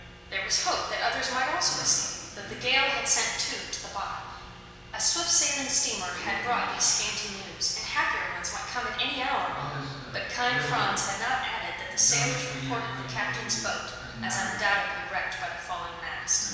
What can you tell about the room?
A large and very echoey room.